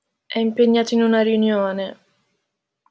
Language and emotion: Italian, sad